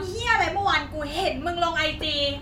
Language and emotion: Thai, angry